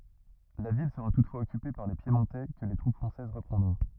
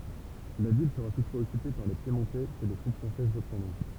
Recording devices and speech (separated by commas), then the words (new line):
rigid in-ear microphone, temple vibration pickup, read sentence
La ville sera toutefois occupée par les Piémontais que les troupes françaises reprendront.